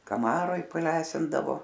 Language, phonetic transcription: Lithuanian, kaˈmaroj paˈlesindavo

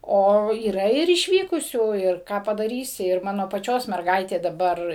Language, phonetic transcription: Lithuanian, ˈo yˈra ir išˈvykusių ir ˈką padaˈrysi ir ˈmano paˈčios merˈgaitė daˈbar

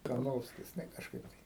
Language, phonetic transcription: Lithuanian, karˈnovskis ne kažˈkaip tai

